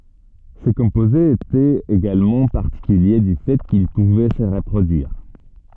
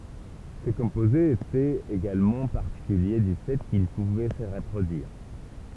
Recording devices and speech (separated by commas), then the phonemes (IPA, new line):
soft in-ear microphone, temple vibration pickup, read sentence
se kɔ̃pozez etɛt eɡalmɑ̃ paʁtikylje dy fɛ kil puvɛ sə ʁəpʁodyiʁ